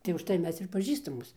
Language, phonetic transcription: Lithuanian, tai užˈtai ˈmes ir paˈžįstamos

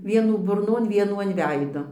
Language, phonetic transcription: Lithuanian, ˈvienų burˈnon ˈvienų an ˈveido

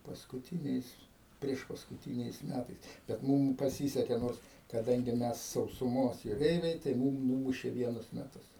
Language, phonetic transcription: Lithuanian, paskuˈtyniais priešpaskuˈtyniais ˈmætais bet ˈmum paˈsyseke ˈnors kaˈdangi ˈmes sausuˈmos juˈreiviai tai ˈmūm ˈnūmušė ˈvienus meˈtus

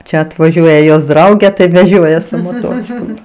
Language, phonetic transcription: Lithuanian, ˈčia atvaˈžiuoja jos ˈdraugė tai ˈvežioja su moˈtociklu

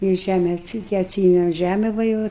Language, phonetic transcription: Lithuanian, ir ˈžæme atˈsy ti atˈsyemem ˈžæme ˈva jau

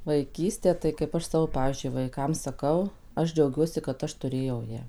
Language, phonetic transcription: Lithuanian, vaiˈkystė tai kaip ˈaš ˈsavo ˈpavyzdžiui vaiˈkam saˈkau ˈaš džiauˈgiuosi kad ˈaš tuˈrėjau ˈją

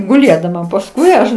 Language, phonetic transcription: Lithuanian, guˈlėdama pasˈkui aš

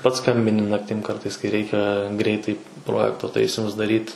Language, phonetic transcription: Lithuanian, pats ˈskambini ˈnaktim ˈkartais kai ˈreikia ˈgreitai ˈprojekto ˈtaisimus daˈryt

